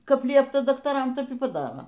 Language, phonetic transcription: Lithuanian, ˈkap ˈliepta daktaˈram ˈtep y paˈdaro

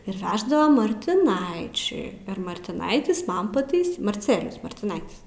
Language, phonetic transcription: Lithuanian, ir ˈveždava martiˈnaičiui ir martiˈnaitis ˈman paˈtais marˈcelijus martiˈnaitis

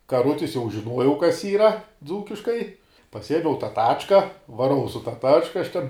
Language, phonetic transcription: Lithuanian, kaˈrutis jau žiˈnuojau kas ˈyra ˈdzūkiškai paˈsiemiau tą ˈtačka vaˈrau su ta ˈtačka aš ˈten

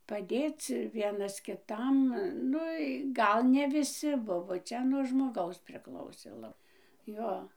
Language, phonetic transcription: Lithuanian, paˈdėc ˈvienas kiˈtam ˈnu i ˈgal ne viˈsi ˈbuvo ˈčia nuo žmoˈgaus priˈklausė ˈla ˈjo

